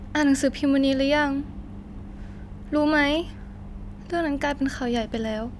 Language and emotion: Thai, frustrated